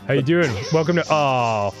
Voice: deep voice